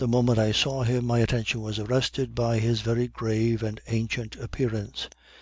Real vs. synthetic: real